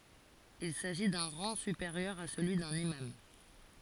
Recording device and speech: forehead accelerometer, read sentence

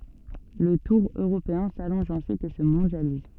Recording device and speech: soft in-ear microphone, read sentence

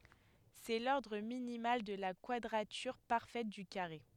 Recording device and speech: headset microphone, read sentence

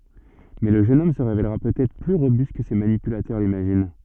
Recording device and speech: soft in-ear microphone, read sentence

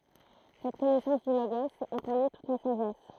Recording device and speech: throat microphone, read sentence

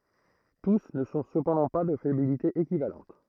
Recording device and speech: throat microphone, read sentence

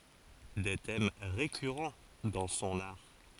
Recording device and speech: forehead accelerometer, read sentence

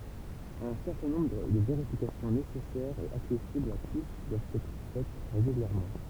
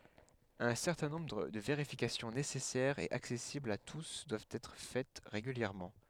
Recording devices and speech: temple vibration pickup, headset microphone, read sentence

